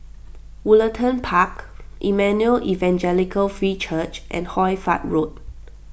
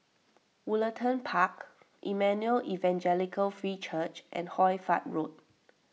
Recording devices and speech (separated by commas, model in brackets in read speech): boundary microphone (BM630), mobile phone (iPhone 6), read sentence